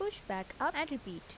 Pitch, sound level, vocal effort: 225 Hz, 82 dB SPL, normal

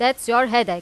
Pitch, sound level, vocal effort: 240 Hz, 95 dB SPL, loud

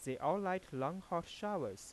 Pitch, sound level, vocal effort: 180 Hz, 90 dB SPL, soft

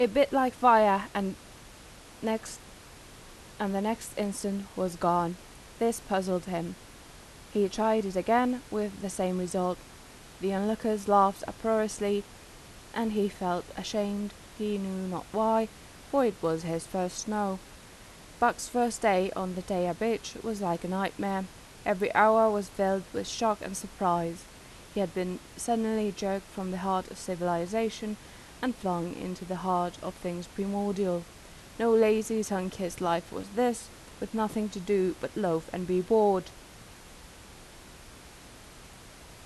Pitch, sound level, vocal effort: 200 Hz, 84 dB SPL, normal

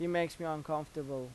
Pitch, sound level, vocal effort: 155 Hz, 88 dB SPL, normal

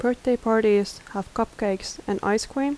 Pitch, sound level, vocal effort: 220 Hz, 78 dB SPL, soft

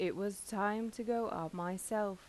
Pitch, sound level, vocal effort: 200 Hz, 85 dB SPL, normal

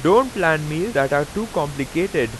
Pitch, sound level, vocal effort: 155 Hz, 93 dB SPL, very loud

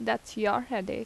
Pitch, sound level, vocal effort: 215 Hz, 80 dB SPL, normal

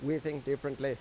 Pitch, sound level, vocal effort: 140 Hz, 89 dB SPL, normal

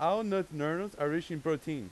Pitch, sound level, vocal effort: 160 Hz, 95 dB SPL, very loud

